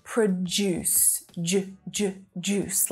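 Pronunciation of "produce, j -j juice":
In 'produce', the second syllable begins with a j sound, like the j in 'jam', so it sounds like 'juice' rather than starting with a d sound.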